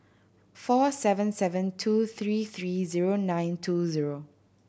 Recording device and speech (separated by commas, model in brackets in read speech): boundary microphone (BM630), read sentence